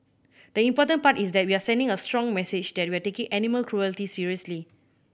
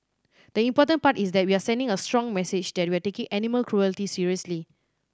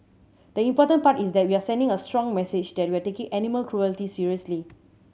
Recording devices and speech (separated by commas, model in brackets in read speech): boundary microphone (BM630), standing microphone (AKG C214), mobile phone (Samsung C7100), read sentence